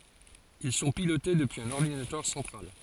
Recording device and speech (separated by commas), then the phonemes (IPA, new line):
forehead accelerometer, read sentence
il sɔ̃ pilote dəpyiz œ̃n ɔʁdinatœʁ sɑ̃tʁal